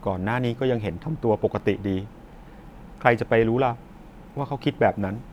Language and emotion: Thai, sad